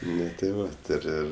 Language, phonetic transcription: Lithuanian, ˈnu tė ˈva ti ir ˈir

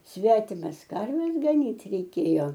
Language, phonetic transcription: Lithuanian, ˈsvetimas ˈkarves gaˈnyt reiˈkėjo

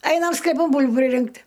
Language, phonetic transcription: Lithuanian, ˈainam skleˈpan ˈbūl'bų priˈrinkt'

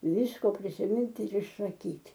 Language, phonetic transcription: Lithuanian, ˈvisko prisiˈmint' ir išsaˈkyt'

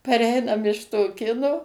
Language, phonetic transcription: Lithuanian, paˈreinam iš toˈkino

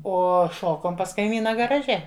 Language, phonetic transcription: Lithuanian, ˈo ˈšokom pas kaiˈmyna garaˈže

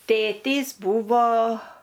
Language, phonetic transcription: Lithuanian, ˈtėtys ˈbūvo

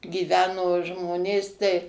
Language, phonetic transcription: Lithuanian, gyˈveno ˈžmonės tai

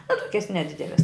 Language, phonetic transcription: Lithuanian, a ˈtokias neˈdideles

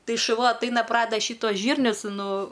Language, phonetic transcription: Lithuanian, ˈtai šuˈva atˈaina ˈpradeda ˈšytuos ˈžyrnius ˈnu

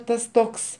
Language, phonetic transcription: Lithuanian, ˈtas ˈtoks

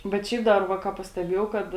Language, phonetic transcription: Lithuanian, bet ˈšiaip ˈdar ˈva ˈką pasteˈbėjau ˈkad

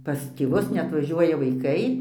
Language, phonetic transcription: Lithuanian, pas tėˈvus neatvaˈžiuoja vaiˈkai

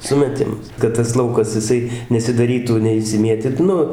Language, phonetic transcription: Lithuanian, ˌsumeˈtimas kad tas ˈlaukas jiˈsai nesidaˈrytų neišsiˈmietit ˈnu

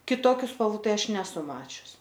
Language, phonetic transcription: Lithuanian, kiˈtokiu spalˈvų ˈtai ˈaš neˈsu ˈmačius

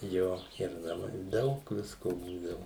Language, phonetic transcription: Lithuanian, ˈjo ir naˈmai ˈdaug ˈvisko ˈbūdavu

